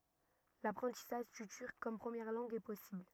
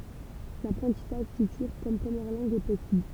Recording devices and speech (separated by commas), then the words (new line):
rigid in-ear microphone, temple vibration pickup, read sentence
L'apprentissage du turc comme première langue est possible.